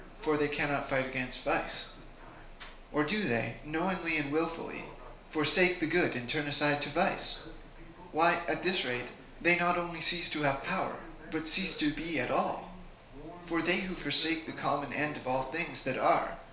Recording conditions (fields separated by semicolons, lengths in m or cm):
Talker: one person; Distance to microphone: 1.0 m; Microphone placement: close; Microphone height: 1.1 m; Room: small (3.7 m by 2.7 m); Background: television